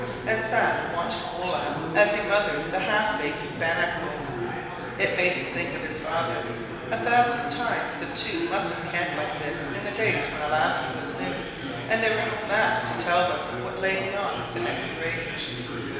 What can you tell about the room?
A big, echoey room.